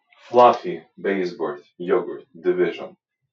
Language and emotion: English, surprised